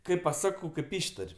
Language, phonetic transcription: Lithuanian, kaip paˈsakau kaip ˈištar'

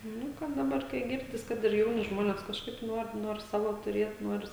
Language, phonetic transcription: Lithuanian, ˈnu kad ˈdabar kai ˈgirdis ˈkad ir ˈjauni ˈžmonės kažˈkaip ˈnuor ˈnuor ˈsavo tuˈriet nuoris

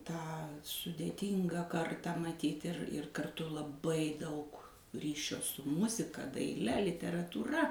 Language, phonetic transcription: Lithuanian, tą sudėˈtyngą ˈkartą maˈtyt' ir ir karˈtu laˈbai ˈdaug ˈryšio su ˈmuzika daiˈle literatūˈra

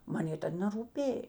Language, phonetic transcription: Lithuanian, ˈman ˈjė ˈtad nerūˈpėj

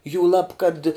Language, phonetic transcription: Lithuanian, jūˈlab kad

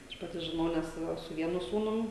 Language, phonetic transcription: Lithuanian, ˈaš paˈti žiˈnau nes ˈva su ˈvienu ˈsūnum

